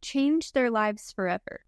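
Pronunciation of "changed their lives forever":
In 'changed their lives forever', the d at the end of 'changed' is an unreleased D before the next word.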